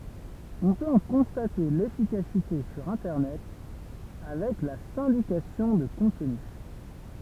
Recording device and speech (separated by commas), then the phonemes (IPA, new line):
temple vibration pickup, read sentence
ɔ̃ pøt ɑ̃ kɔ̃state lefikasite syʁ ɛ̃tɛʁnɛt avɛk la sɛ̃dikasjɔ̃ də kɔ̃tny